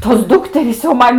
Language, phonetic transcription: Lithuanian, tos ˈdukterys jau ˈman

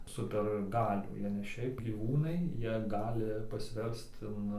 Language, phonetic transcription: Lithuanian, ˈsuper ˈgalių ˈjie ne ˈšiaip gyˈvūnai ˈjie ˈgali pasˈverst in

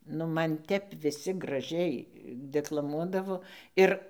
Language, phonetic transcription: Lithuanian, nu ˈman ˈtep viˈsi graˈžiai deklaˈmuodavo ˈir

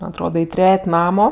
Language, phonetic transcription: Lithuanian, man' atˈroda i ˈtret' ˈnamo

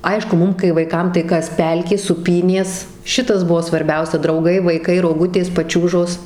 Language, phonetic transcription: Lithuanian, ˈaišku ˈmum kai vaiˈkam tai ˈkas ˈpelkė sūˈpynės ˈšitas ˈbuvo svarˈbiausia drauˈgai vaiˈkai roˈgutės paˈčiūžos

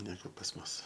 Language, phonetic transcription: Lithuanian, neˈgu pas ˈmus

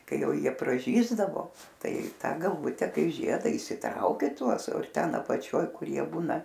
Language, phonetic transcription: Lithuanian, ˈkai ˈjau ˈjie praˈžysdavo ˈtai ˈta galˈvute ˈkai ˈžieda įsiˈtraukia ˈtuos ˈten apaˈčioj ˈkur ˈjie ˈbūna

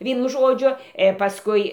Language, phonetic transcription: Lithuanian, ˈvienu ˈžodžiu ir pasˈkui

